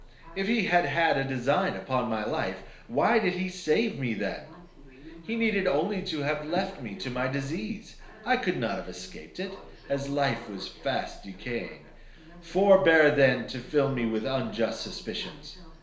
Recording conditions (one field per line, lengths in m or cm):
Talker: one person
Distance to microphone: 1.0 m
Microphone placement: close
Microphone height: 1.1 m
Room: small (3.7 m by 2.7 m)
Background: television